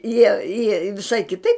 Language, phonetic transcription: Lithuanian, jie jie viˈšai kiˈtaip

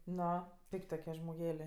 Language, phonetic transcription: Lithuanian, ˈno ˈpik't' toˈkie žmoˈgelė

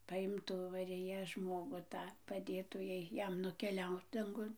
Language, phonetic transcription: Lithuanian, paˈimtų mariˈja ˈžmogu ˈtą paˈdėtų ˈjai ˈjam nukeˈliaut danˈgun

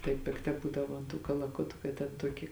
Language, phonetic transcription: Lithuanian, tai pikˈta ˈbūdavo an tų kalaˈkutu kad ten ˈtuoki

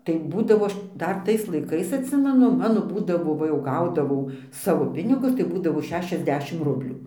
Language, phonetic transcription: Lithuanian, tai ˈbūdavo ˈaš ˈdar ˈtais laiˈkais atˈsimenu ˈmano ˈbūdavo va ˈjau ˈgaudavau ˈsavo ˈpinigus tai ˈbūdavo ˈšešiasˌdešim ˈrublių

